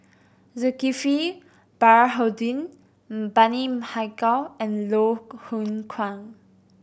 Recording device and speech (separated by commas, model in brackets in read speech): boundary microphone (BM630), read sentence